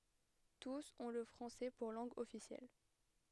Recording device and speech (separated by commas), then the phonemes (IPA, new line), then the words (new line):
headset microphone, read sentence
tus ɔ̃ lə fʁɑ̃sɛ puʁ lɑ̃ɡ ɔfisjɛl
Tous ont le français pour langue officielle.